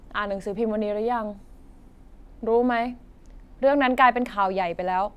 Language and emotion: Thai, frustrated